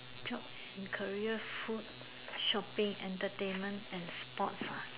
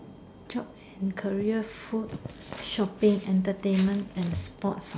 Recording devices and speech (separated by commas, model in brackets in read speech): telephone, standing microphone, conversation in separate rooms